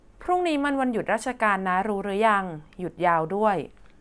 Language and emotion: Thai, neutral